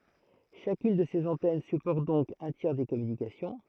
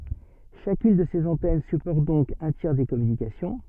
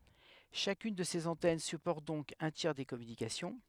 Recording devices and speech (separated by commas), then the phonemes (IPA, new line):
throat microphone, soft in-ear microphone, headset microphone, read sentence
ʃakyn də sez ɑ̃tɛn sypɔʁt dɔ̃k œ̃ tjɛʁ de kɔmynikasjɔ̃